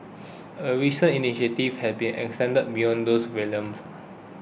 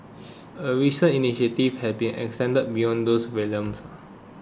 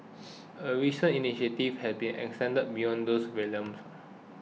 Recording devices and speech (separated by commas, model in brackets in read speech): boundary microphone (BM630), close-talking microphone (WH20), mobile phone (iPhone 6), read sentence